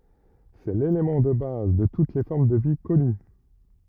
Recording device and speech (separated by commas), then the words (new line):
rigid in-ear microphone, read sentence
C'est l'élément de base de toutes les formes de vie connues.